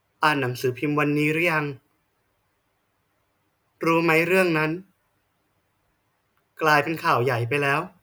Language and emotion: Thai, frustrated